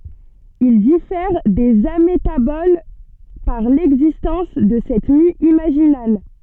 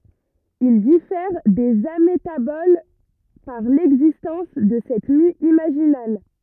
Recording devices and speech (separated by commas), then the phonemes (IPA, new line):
soft in-ear microphone, rigid in-ear microphone, read sentence
il difɛʁ dez ametabol paʁ lɛɡzistɑ̃s də sɛt my imaʒinal